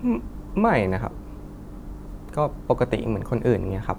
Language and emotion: Thai, sad